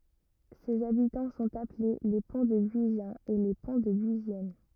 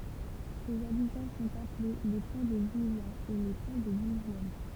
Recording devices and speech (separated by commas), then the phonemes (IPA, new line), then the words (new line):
rigid in-ear microphone, temple vibration pickup, read sentence
sez abitɑ̃ sɔ̃t aple le pɔ̃tdəbyizjɛ̃z e le pɔ̃tdəbyizjɛn
Ses habitants sont appelés les Pontdebuisiens et les Pontdebuisiennes.